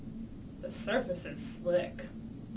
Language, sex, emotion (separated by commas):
English, female, neutral